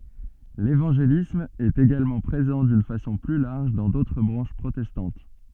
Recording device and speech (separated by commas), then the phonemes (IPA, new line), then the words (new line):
soft in-ear microphone, read sentence
levɑ̃ʒelism ɛt eɡalmɑ̃ pʁezɑ̃ dyn fasɔ̃ ply laʁʒ dɑ̃ dotʁ bʁɑ̃ʃ pʁotɛstɑ̃t
L’évangélisme est également présent d’une façon plus large dans d’autres branches protestantes.